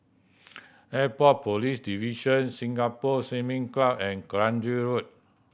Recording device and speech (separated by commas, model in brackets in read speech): boundary microphone (BM630), read sentence